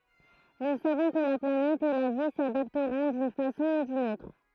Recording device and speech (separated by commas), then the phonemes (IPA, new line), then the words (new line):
throat microphone, read sentence
nu savɔ̃ kə la planɛt e la vi sadaptʁɔ̃ dyn fasɔ̃ u dyn otʁ
Nous savons que la planète et la vie s’adapteront d’une façon ou d’une autre.